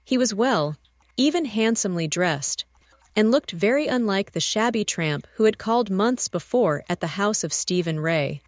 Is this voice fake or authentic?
fake